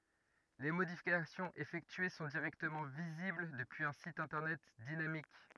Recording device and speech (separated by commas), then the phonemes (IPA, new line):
rigid in-ear microphone, read sentence
le modifikasjɔ̃z efɛktye sɔ̃ diʁɛktəmɑ̃ vizibl dəpyiz œ̃ sit ɛ̃tɛʁnɛt dinamik